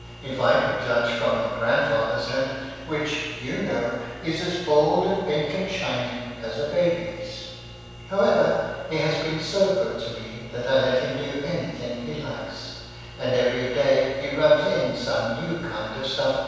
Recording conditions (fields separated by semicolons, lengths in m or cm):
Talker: one person; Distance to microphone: 7.1 m; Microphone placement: far; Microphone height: 1.7 m; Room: very reverberant, large; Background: none